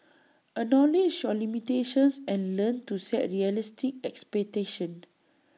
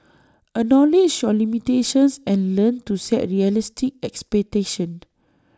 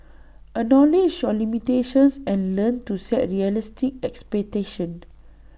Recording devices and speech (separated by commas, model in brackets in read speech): mobile phone (iPhone 6), standing microphone (AKG C214), boundary microphone (BM630), read sentence